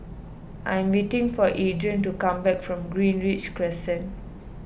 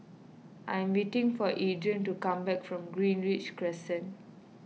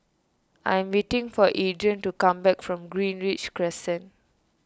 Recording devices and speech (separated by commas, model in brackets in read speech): boundary microphone (BM630), mobile phone (iPhone 6), standing microphone (AKG C214), read sentence